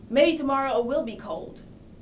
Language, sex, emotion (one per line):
English
female
angry